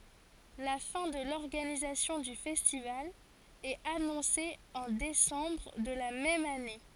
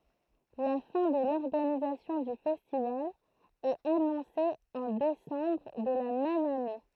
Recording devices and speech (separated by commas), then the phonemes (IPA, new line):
forehead accelerometer, throat microphone, read sentence
la fɛ̃ də lɔʁɡanizasjɔ̃ dy fɛstival ɛt anɔ̃se ɑ̃ desɑ̃bʁ də la mɛm ane